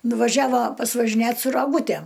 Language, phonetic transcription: Lithuanian, nuvaˈžiava pasvažiˈnėt su raˈgūtæm

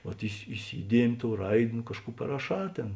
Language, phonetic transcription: Lithuanian, vat isi iˈsydiemi ˈtou ˈraid' nu ˈkažˌkų paraˈšā ˈtėn

